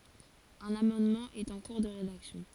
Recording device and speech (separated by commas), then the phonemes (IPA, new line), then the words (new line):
forehead accelerometer, read sentence
œ̃n amɑ̃dmɑ̃ ɛt ɑ̃ kuʁ də ʁedaksjɔ̃
Un amendement est en cours de rédaction.